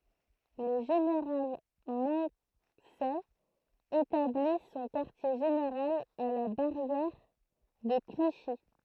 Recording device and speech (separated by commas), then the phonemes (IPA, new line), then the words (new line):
throat microphone, read sentence
lə ʒeneʁal mɔ̃sɛ etabli sɔ̃ kaʁtje ʒeneʁal a la baʁjɛʁ də kliʃi
Le général Moncey établit son quartier général à la barrière de Clichy.